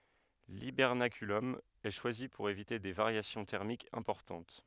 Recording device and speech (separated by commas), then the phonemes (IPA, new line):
headset microphone, read sentence
libɛʁnakylɔm ɛ ʃwazi puʁ evite de vaʁjasjɔ̃ tɛʁmikz ɛ̃pɔʁtɑ̃t